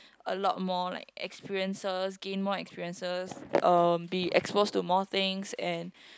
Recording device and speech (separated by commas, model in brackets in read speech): close-talking microphone, conversation in the same room